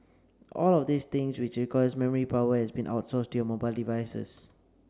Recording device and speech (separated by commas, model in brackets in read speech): standing microphone (AKG C214), read sentence